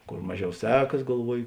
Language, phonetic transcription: Lithuanian, ˈkor ˈmaˌžiau ˈsekas galˈvuoji

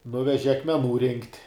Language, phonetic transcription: Lithuanian, ˈnuveži akmeˈnų rinkt'

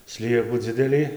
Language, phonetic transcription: Lithuanian, ˈsliekų ˈdzidelį

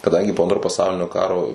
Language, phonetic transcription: Lithuanian, kaˈdangi po ˈantro paˈsaulinio ˈkaro

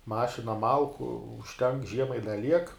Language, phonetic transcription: Lithuanian, ˈmašina ˈmalku užˈtenk ˈžiemai i da ˈliek

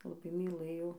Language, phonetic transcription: Lithuanian, laˈbai myˈlɘjau

